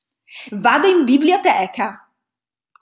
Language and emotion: Italian, happy